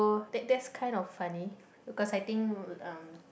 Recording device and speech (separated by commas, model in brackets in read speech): boundary microphone, conversation in the same room